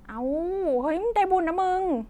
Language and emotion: Thai, happy